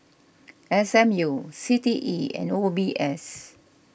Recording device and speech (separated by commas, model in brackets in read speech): boundary microphone (BM630), read sentence